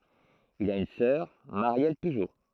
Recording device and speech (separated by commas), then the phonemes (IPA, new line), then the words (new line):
throat microphone, read sentence
il a yn sœʁ maʁjɛl pyʒo
Il a une sœur, Marielle Pujo.